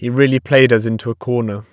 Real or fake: real